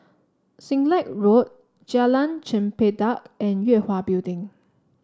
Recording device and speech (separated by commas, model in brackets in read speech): standing microphone (AKG C214), read sentence